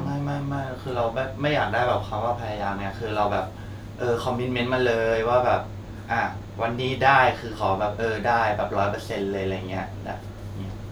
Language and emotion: Thai, frustrated